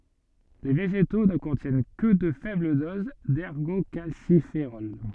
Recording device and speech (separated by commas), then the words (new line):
soft in-ear microphone, read sentence
Les végétaux ne contiennent que de faibles doses d'ergocalciférol.